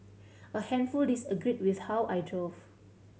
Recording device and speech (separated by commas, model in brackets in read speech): mobile phone (Samsung C7100), read sentence